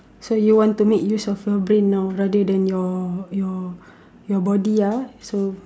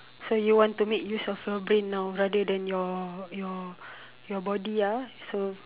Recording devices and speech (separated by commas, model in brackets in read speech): standing microphone, telephone, conversation in separate rooms